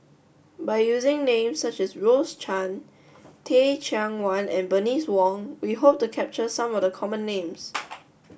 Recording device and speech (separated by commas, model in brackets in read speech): boundary microphone (BM630), read sentence